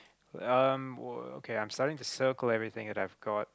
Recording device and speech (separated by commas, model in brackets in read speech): close-talking microphone, conversation in the same room